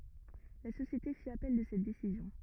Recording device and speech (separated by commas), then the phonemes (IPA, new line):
rigid in-ear microphone, read sentence
la sosjete fi apɛl də sɛt desizjɔ̃